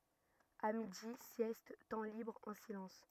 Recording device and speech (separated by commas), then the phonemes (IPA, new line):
rigid in-ear microphone, read sentence
a midi sjɛst tɑ̃ libʁ ɑ̃ silɑ̃s